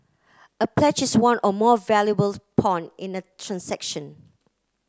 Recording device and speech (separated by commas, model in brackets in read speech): close-talking microphone (WH30), read sentence